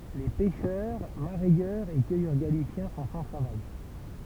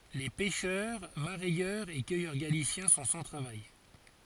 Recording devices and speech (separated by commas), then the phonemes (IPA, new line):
temple vibration pickup, forehead accelerometer, read sentence
le pɛʃœʁ maʁɛjœʁz e kœjœʁ ɡalisjɛ̃ sɔ̃ sɑ̃ tʁavaj